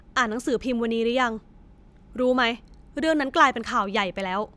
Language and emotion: Thai, frustrated